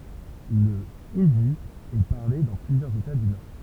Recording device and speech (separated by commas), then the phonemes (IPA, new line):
temple vibration pickup, read sentence
lə indi ɛ paʁle dɑ̃ plyzjœʁz eta dy nɔʁ